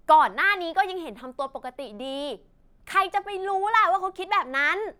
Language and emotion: Thai, angry